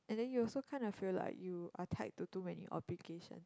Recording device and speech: close-talking microphone, conversation in the same room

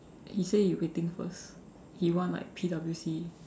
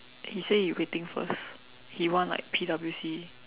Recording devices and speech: standing microphone, telephone, conversation in separate rooms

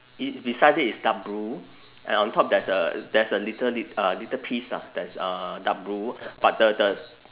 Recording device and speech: telephone, conversation in separate rooms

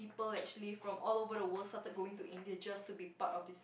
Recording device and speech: boundary microphone, conversation in the same room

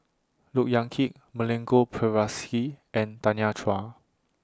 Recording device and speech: standing microphone (AKG C214), read sentence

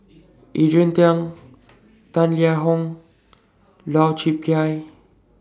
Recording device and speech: standing microphone (AKG C214), read sentence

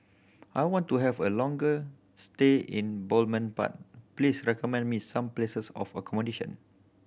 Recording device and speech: boundary microphone (BM630), read sentence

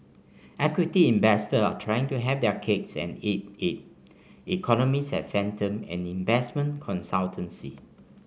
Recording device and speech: mobile phone (Samsung C5), read sentence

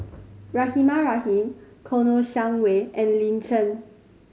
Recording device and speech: mobile phone (Samsung C5010), read sentence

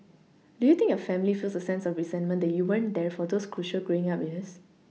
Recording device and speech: mobile phone (iPhone 6), read sentence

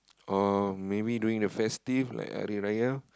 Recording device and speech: close-talking microphone, conversation in the same room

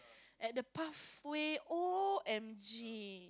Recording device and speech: close-talking microphone, conversation in the same room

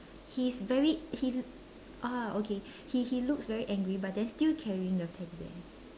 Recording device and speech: standing microphone, conversation in separate rooms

